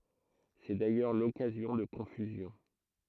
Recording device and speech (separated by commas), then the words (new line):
throat microphone, read sentence
C'est d'ailleurs l'occasion de confusions.